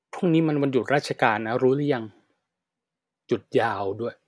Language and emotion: Thai, neutral